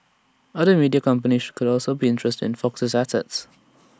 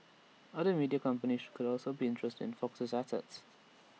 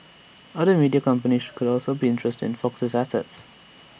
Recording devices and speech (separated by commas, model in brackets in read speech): standing microphone (AKG C214), mobile phone (iPhone 6), boundary microphone (BM630), read sentence